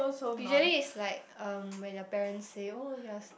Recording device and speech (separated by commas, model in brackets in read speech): boundary microphone, conversation in the same room